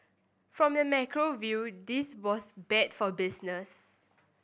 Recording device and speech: boundary microphone (BM630), read sentence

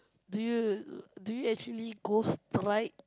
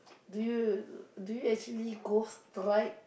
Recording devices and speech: close-talking microphone, boundary microphone, conversation in the same room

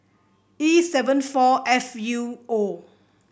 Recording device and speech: boundary microphone (BM630), read sentence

